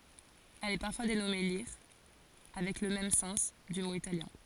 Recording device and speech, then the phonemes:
forehead accelerometer, read sentence
ɛl ɛ paʁfwa denɔme liʁ avɛk lə mɛm sɑ̃s dy mo italjɛ̃

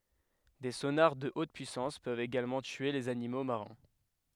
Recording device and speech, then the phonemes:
headset microphone, read sentence
de sonaʁ də ot pyisɑ̃s pøvt eɡalmɑ̃ tye lez animo maʁɛ̃

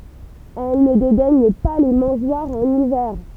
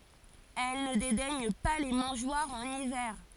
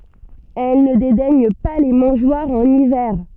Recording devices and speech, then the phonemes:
temple vibration pickup, forehead accelerometer, soft in-ear microphone, read sentence
ɛl nə dedɛɲ pa le mɑ̃ʒwaʁz ɑ̃n ivɛʁ

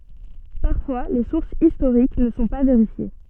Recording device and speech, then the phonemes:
soft in-ear microphone, read sentence
paʁfwa le suʁsz istoʁik nə sɔ̃ pa veʁifje

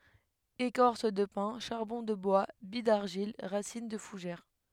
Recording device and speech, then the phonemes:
headset microphone, read sentence
ekɔʁs də pɛ̃ ʃaʁbɔ̃ də bwa bij daʁʒil ʁasin də fuʒɛʁ

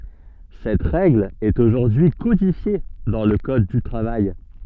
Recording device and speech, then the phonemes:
soft in-ear microphone, read sentence
sɛt ʁɛɡl ɛt oʒuʁdyi kodifje dɑ̃ lə kɔd dy tʁavaj

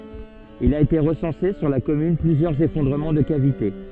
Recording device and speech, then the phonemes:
soft in-ear microphone, read sentence
il a ete ʁəsɑ̃se syʁ la kɔmyn plyzjœʁz efɔ̃dʁəmɑ̃ də kavite

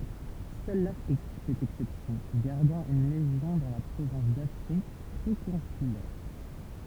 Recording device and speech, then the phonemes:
temple vibration pickup, read sentence
sœl lafʁik fɛt ɛksɛpsjɔ̃ ɡaʁdɑ̃ yn leʒjɔ̃ dɑ̃ la pʁovɛ̃s dafʁik pʁokɔ̃sylɛʁ

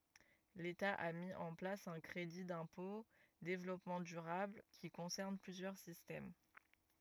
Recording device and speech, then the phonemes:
rigid in-ear microphone, read sentence
leta a mi ɑ̃ plas œ̃ kʁedi dɛ̃pɔ̃ devlɔpmɑ̃ dyʁabl ki kɔ̃sɛʁn plyzjœʁ sistɛm

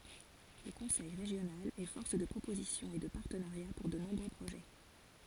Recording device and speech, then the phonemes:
forehead accelerometer, read sentence
lə kɔ̃sɛj ʁeʒjonal ɛ fɔʁs də pʁopozisjɔ̃ e də paʁtənaʁja puʁ də nɔ̃bʁø pʁoʒɛ

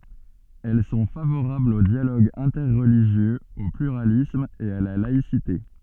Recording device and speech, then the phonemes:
soft in-ear microphone, read sentence
ɛl sɔ̃ favoʁablz o djaloɡ ɛ̃tɛʁliʒjøz o plyʁalism e a la laisite

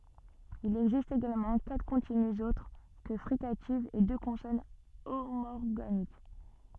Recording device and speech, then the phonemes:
soft in-ear microphone, read sentence
il ɛɡzist eɡalmɑ̃ katʁ kɔ̃tinyz otʁ kə fʁikativz e dø kɔ̃sɔn omɔʁɡanik

